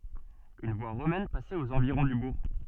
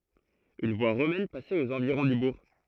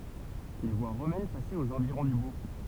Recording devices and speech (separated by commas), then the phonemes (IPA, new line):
soft in-ear microphone, throat microphone, temple vibration pickup, read sentence
yn vwa ʁomɛn pasɛt oz ɑ̃viʁɔ̃ dy buʁ